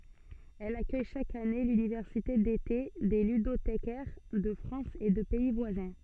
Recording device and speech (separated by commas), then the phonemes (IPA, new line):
soft in-ear microphone, read sentence
ɛl akœj ʃak ane lynivɛʁsite dete de lydotekɛʁ də fʁɑ̃s e də pɛi vwazɛ̃